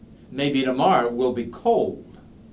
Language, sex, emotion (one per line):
English
male
neutral